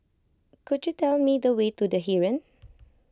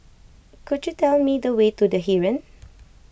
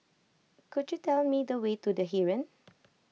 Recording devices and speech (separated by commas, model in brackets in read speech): close-talking microphone (WH20), boundary microphone (BM630), mobile phone (iPhone 6), read sentence